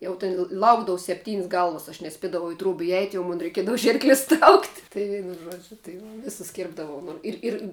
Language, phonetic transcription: Lithuanian, ˈjau tin ˈlaukdavu sepˈtyn's' ˈgalvas aš neˈspiedavau i truob iˈeit jau ˈmon reiˈkiedavu ˈžyrklis traukt' ˈtai ˈžuodžiu tai va ˈvisus ˈkirpdavau nu ˈir ˈir

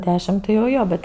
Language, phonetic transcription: Lithuanian, ˈdešim tai jau ˈjo bet

